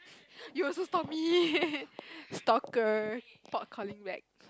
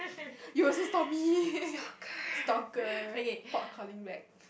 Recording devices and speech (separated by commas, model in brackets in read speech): close-talking microphone, boundary microphone, conversation in the same room